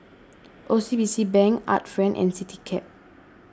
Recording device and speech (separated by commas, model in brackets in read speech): standing microphone (AKG C214), read sentence